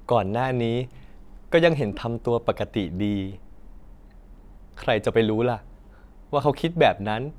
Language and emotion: Thai, frustrated